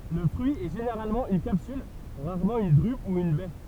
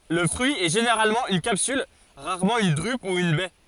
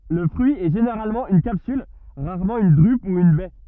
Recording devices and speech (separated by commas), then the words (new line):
temple vibration pickup, forehead accelerometer, rigid in-ear microphone, read sentence
Le fruit est généralement une capsule, rarement une drupe ou une baie.